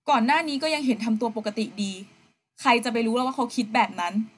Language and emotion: Thai, neutral